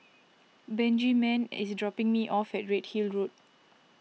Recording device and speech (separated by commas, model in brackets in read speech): mobile phone (iPhone 6), read sentence